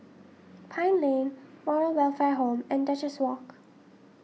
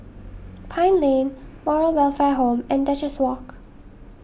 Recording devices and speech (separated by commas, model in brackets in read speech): mobile phone (iPhone 6), boundary microphone (BM630), read sentence